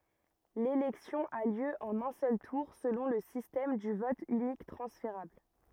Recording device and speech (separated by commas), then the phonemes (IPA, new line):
rigid in-ear microphone, read sentence
lelɛksjɔ̃ a ljø ɑ̃n œ̃ sœl tuʁ səlɔ̃ lə sistɛm dy vɔt ynik tʁɑ̃sfeʁabl